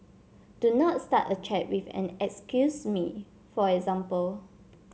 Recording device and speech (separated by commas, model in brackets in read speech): mobile phone (Samsung C7), read sentence